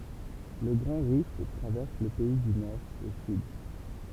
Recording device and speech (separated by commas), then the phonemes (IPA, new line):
temple vibration pickup, read sentence
lə ɡʁɑ̃ ʁift tʁavɛʁs lə pɛi dy nɔʁ o syd